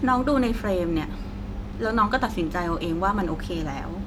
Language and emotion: Thai, frustrated